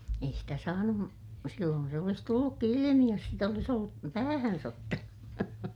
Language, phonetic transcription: Finnish, ei sitä saanum , silloon se olis tullukki ilimi jos sit ‿olis ‿ollu , päähäns ‿ottanu .
- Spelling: ei sitä saanut silloin se olisi tullutkin ilmi jos sitä olisi ollut päähänsä ottanut

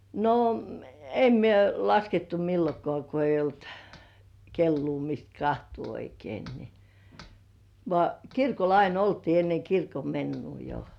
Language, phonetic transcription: Finnish, no , "em mie laskettu 'millokŏà ko 'eij̆j ‿olt , "kelluu mist 'kahtuu oikein ni , vŏà "kirkol ain ‿oltii enne 'kirkome̳§nnu jo .
- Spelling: no en minä laskettu milloinkaan kun ei ollut kelloa mistä katsoa oikein niin vaan kirkolla aina oltiin ennen kirkonmenoa jo

